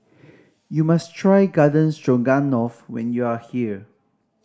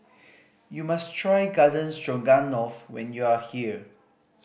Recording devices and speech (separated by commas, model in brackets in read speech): standing microphone (AKG C214), boundary microphone (BM630), read sentence